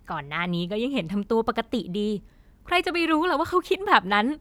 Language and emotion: Thai, happy